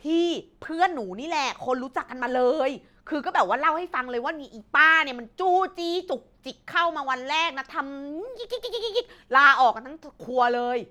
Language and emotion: Thai, angry